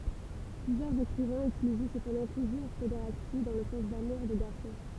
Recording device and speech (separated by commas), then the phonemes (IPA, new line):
temple vibration pickup, read sentence
plyzjœʁz ekʁivɛ̃z ytilizɛ səpɑ̃dɑ̃ tuʒuʁ pedeʁasti dɑ̃ lə sɑ̃s damuʁ de ɡaʁsɔ̃